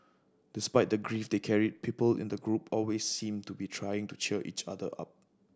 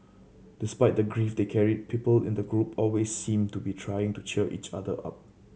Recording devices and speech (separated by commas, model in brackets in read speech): standing microphone (AKG C214), mobile phone (Samsung C7100), read sentence